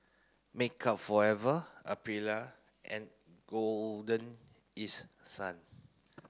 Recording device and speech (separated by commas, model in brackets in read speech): close-talking microphone (WH30), read sentence